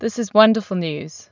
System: none